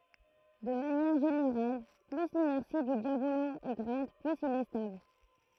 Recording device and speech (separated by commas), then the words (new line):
throat microphone, read sentence
De manière générale plus l’inertie du diabolo est grande, plus il est stable.